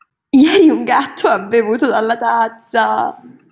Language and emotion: Italian, happy